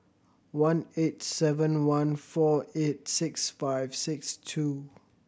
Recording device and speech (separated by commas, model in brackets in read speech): boundary microphone (BM630), read sentence